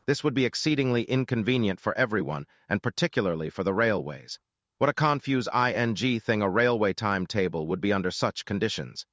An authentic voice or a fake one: fake